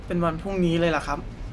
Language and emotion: Thai, frustrated